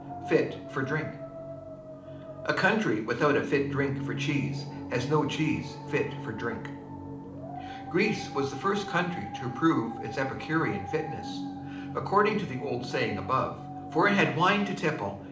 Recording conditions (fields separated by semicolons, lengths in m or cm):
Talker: one person; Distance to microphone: 2.0 m; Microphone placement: close; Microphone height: 99 cm; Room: medium-sized (5.7 m by 4.0 m); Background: television